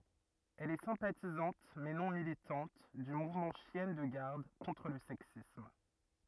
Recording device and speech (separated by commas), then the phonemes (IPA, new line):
rigid in-ear microphone, read sentence
ɛl ɛ sɛ̃patizɑ̃t mɛ nɔ̃ militɑ̃t dy muvmɑ̃ ʃjɛn də ɡaʁd kɔ̃tʁ lə sɛksism